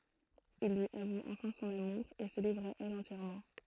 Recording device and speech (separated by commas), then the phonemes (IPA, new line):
throat microphone, read sentence
il lyi avu ɑ̃fɛ̃ sɔ̃n amuʁ e sə livʁ a ɛl ɑ̃tjɛʁmɑ̃